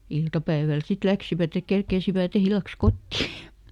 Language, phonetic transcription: Finnish, ˈiltapäiväl ˈsit "läksivät ‿ek ˈkerkeisiväˈt ‿illaks "kotti .
- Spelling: iltapäivällä sitten lähtivät että kerkeisivät illaksi kotiin

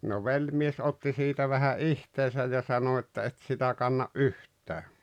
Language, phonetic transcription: Finnish, no "veĺmies 'otti siitä vähä "ihteesäj ja 'sano että » 'et sitä kanna’ "’yht̆tää « .
- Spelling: no velimies otti siitä vähän itseensä ja sanoi että et sitä kanna yhtään

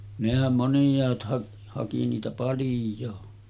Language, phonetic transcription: Finnish, nehäm 'monⁱj̀aat hak- , haki niitä 'palⁱj̆joo .
- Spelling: nehän moniaat - haki niitä paljon

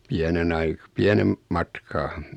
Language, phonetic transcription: Finnish, 'piänen ‿ai- , 'piänem , matkaa .
- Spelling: pienen - pienen matkaa

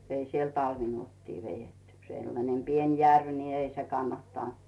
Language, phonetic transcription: Finnish, 'ei siel "talvinuottii 'vejetty , sellanem "pien 'järv ni 'ei se 'kannattànt .
- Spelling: ei siellä talvinuottia vedetty sellainen pieni järvi niin ei se kannattanut

